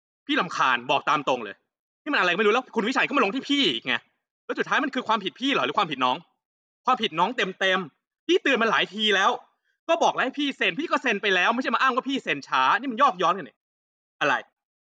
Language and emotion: Thai, angry